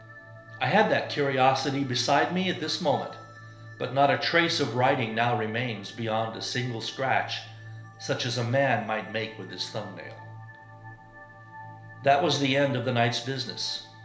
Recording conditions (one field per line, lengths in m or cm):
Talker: one person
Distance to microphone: 1.0 m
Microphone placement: close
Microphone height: 1.1 m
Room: small (3.7 m by 2.7 m)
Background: music